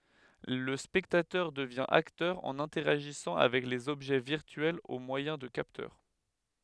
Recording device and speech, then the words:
headset microphone, read sentence
Le spectateur devient acteur en interagissant avec les objets virtuels au moyen de capteurs.

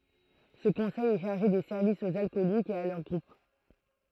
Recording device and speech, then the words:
throat microphone, read sentence
Ce conseil est chargé des services aux alcooliques et à leurs groupes.

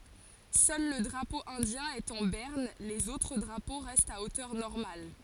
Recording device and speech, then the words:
forehead accelerometer, read sentence
Seul le drapeau indien est en berne, les autres drapeaux restent à hauteur normale.

